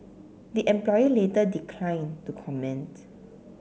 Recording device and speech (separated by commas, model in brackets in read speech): mobile phone (Samsung C7), read sentence